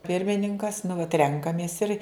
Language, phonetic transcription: Lithuanian, ˈpirmininkas nu vat ˈrenkamės ir

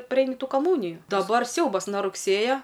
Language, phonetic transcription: Lithuanian, ˈpreini ˈtų kaˈmūniju daˈbar ˈsiaubas na rugˈsėja

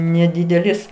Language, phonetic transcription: Lithuanian, neˈdidelis

